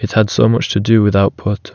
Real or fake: real